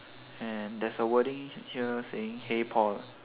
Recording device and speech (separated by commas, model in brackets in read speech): telephone, conversation in separate rooms